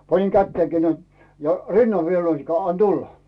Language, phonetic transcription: Finnish, 'paniŋ "kätteekii näin , ja "rinnav viel 'näinikkänᵉä̀ » 'an "tulla « .
- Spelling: panin kätenikin näin ja rinnan vielä näinikään anna tulla

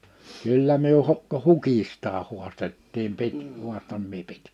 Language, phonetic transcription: Finnish, 'kyllä myö hok- , 'hukistaa huastettiim 'pit- , 'huaston mie pɪt- .
- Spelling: kyllä me - hukistakin haastettiin - haastoin minä -

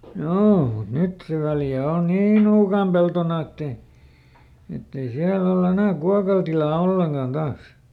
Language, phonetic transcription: Finnish, "joo , mut ˈnyt se Väljä ˈon "nii nuukàm ˈpeltona ettei , ˈettei ˈsiäl ‿olˈl ‿enä̀ "kuakal tilaa "olleŋkàn ˈDaas .
- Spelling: joo mutta nyt se Väljä on niin nuukaan peltona että ei että ei siellä ole enää kuokalle tilaa ollenkaan taas

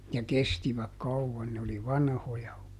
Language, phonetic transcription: Finnish, ja "kestiväk "kauvvan ne oli "vanhoja .
- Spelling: ja kestivät kauan ne oli vanhoja

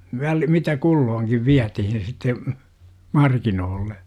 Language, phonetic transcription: Finnish, väl- , mitä "kullooŋkiv 'viätihin sitte , markinoolle .
- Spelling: - mitä kulloinkin vietiin sitten markkinoille

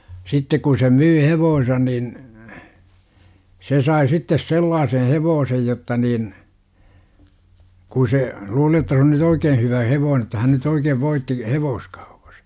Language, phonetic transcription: Finnish, 'sittek ku se 'myy "hevoosᵉsa§ nin , 'se sai sittes "sellaaseh "hevoosej jotta nin , ku se , 'luuli jotta se on ny"t ‿oikee 'hyvä "hevoone °tta hän nyt 'oikeev 'voitti , "hevooskAUpAs .
- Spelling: sitten kun se myi hevosensa niin se sai sitten sellaisen hevosen jotta niin kun se luuli jotta se on nyt oikein hyvä hevonen jotta hän nyt oikein voitti hevoskaupassa

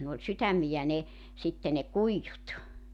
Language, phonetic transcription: Finnish, ne ‿oĺ 'sytämmijä ne , 'sitte ne "kuijjut .
- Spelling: ne oli sydämiä ne sitten ne kuidut

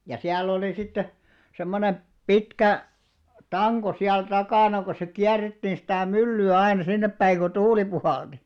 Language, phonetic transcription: Finnish, jai siäl'l ‿oli sitte , 'semmonem , "pitkä , "taŋɢo siäl 'takàna ko se 'kiär̆rettiin̬ sitä̀ 'mylly₍ä aina 'sinneppäi ko "tuuli puhàlti .
- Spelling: ja siellä oli sitten semmoinen pitkä tanko siellä takana kun se kierrettiin sitä myllyä aina sinnepäin kun tuuli puhalsi

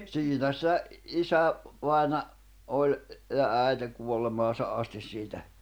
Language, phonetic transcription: Finnish, 'siinä se , "isä’- , -vài̬na₍ 'oĺ , ja 'ä̀i̬te 'kuollemaasa '’astis siitä .
- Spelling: siinä se - isävainaja oli ja äiti kuolemaansa asti siitä

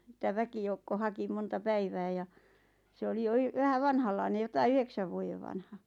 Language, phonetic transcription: Finnish, ˢⁱtä 'väkijoukko "haki 'monta "päivää ja , 'se oli 'jo y- , 'vähä "vanhallaine 'jotai "yheksäv vuojev vanha .
- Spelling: sitä väkijoukko haki monta päivää ja se oli jo - vähän vanhanlainen jotakin yhdeksän vuoden vanha

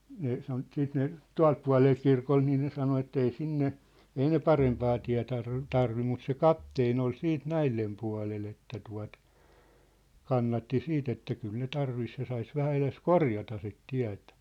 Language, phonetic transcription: Finnish, 'ne 'sano 'siit ne , "tua̭lt pua̭lee 'kirkon nii ne 'sano ettei 'sinne , 'ei ne "parempaa tiä̭ tar- , "tarvi mut se "kapteen ‿ol 'siit "näillem pua̭lel ‿että tua̭t , 'kannatti 'siit ‿että 'kyl ne 'tarvis ja sais 'vähä eles "korjata sit 'tiä̭tᴀ̈ .
- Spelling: ne sanoi sitten ne tuolta puolen kirkon niin ne sanoi että ei sinne ei ne parempaa tie - tarvitse mutta se kapteeni oli sitten näiden puolella että tuota kannatti sitten että kyllä ne tarvitsisi ja saisi vähän edes korjata sitä tietä

